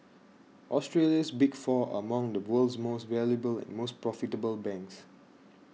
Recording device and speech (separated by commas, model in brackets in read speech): mobile phone (iPhone 6), read sentence